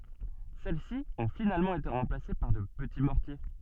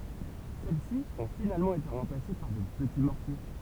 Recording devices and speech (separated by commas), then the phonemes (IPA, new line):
soft in-ear microphone, temple vibration pickup, read sentence
sɛlɛsi ɔ̃ finalmɑ̃ ete ʁɑ̃plase paʁ də pəti mɔʁtje